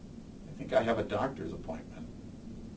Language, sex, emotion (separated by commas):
English, male, neutral